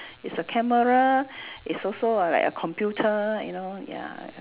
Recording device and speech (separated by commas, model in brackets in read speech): telephone, conversation in separate rooms